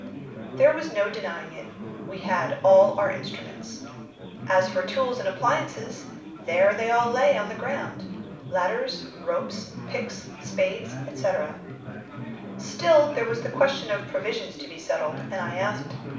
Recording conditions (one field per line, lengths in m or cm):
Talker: one person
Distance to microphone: 5.8 m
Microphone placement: far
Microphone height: 1.8 m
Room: medium-sized (5.7 m by 4.0 m)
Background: babble